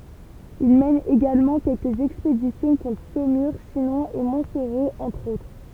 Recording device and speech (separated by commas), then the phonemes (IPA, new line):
temple vibration pickup, read sentence
il mɛn eɡalmɑ̃ kɛlkəz ɛkspedisjɔ̃ kɔ̃tʁ somyʁ ʃinɔ̃ e mɔ̃tsoʁo ɑ̃tʁ otʁ